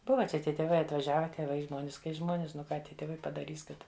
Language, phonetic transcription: Lithuanian, ˈbuva ˈčia ˈtie tėˈvai atvaˈžiave tėˈvai ˈžmonis kai ˈžmonis nu ˈką ˈtie tėˈvai padaˈrys ˈkad

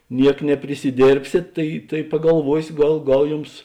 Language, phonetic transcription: Lithuanian, ˈniek neprisiˈdėrbsėt ˈtai tai pagalˈvuosio ˈgal ˈgal ˈjums

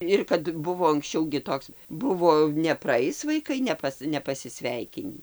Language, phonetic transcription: Lithuanian, ˈir kad ˈbuvo anksˈčiau gi ˈtoks ˈbuvo nepraˈais vaiˈkai neˈpas nepasiˈsveikinį

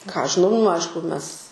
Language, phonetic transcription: Lithuanian, ką ˈaš žiˈnau nu ˈaišku ˈmes

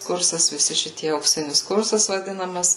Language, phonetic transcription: Lithuanian, ˈkursas viˈsi šiˈtie aukˈsinis ˈkursas vaˈdinamas

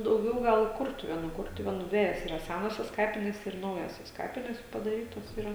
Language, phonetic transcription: Lithuanian, dauˈgiau ˈgal i ˈkurtuvėnų ˈkurtuvėnų ˈdvejos ira ˈsænosios ˈkapinės ir ˈnaujosios ˈkapinės padaˈrytos yˈra

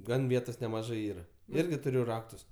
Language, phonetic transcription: Lithuanian, ˈgan ˈvietos nemaˈžɜ ˈyra ˈirgi tuˈriu ˈraktus

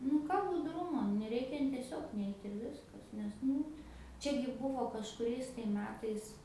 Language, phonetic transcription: Lithuanian, nu ˈką budˈrumo neˈreikia n tieˈsiog ˈneit' ir ˈviskas nes ˈnu ˈčiagi ˈbūvo kažkuˈriais tai ˈmetais

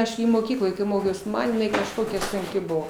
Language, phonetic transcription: Lithuanian, ˈaš gi moˈkykloj ˈmokiaus ˈman jiˈnai kažˈkokia sunˈki ˈbuvo

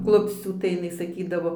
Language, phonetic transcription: Lithuanian, ˈklupscių tai jiˈnai saˈkydavo

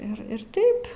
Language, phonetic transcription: Lithuanian, ir ˈir ˈtaip

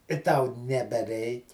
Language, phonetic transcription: Lithuanian, i tau nebeˈreik'

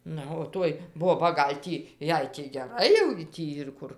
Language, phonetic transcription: Lithuanian, ˈna o ˈtoj ˈboba ˈgal' tį ˈjai tį geˈrai jau gi ˈtį ir ˈkur

